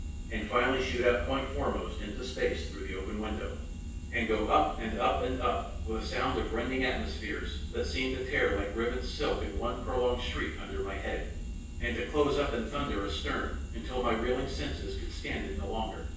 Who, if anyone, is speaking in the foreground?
One person.